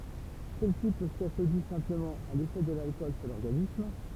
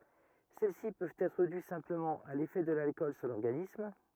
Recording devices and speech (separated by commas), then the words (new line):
temple vibration pickup, rigid in-ear microphone, read sentence
Celles-ci peuvent être dues simplement à l'effet de l'alcool sur l'organisme.